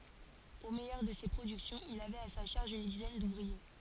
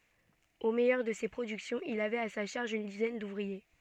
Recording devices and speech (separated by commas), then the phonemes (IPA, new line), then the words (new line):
forehead accelerometer, soft in-ear microphone, read sentence
o mɛjœʁ də se pʁodyksjɔ̃z il avɛt a sa ʃaʁʒ yn dizɛn duvʁie
Au meilleur de ses productions, il avait à sa charge une dizaine d’ouvriers.